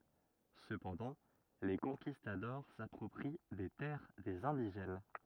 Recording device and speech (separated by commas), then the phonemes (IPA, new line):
rigid in-ear microphone, read sentence
səpɑ̃dɑ̃ le kɔ̃kistadɔʁ sapʁɔpʁi de tɛʁ dez ɛ̃diʒɛn